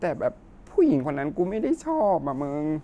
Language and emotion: Thai, sad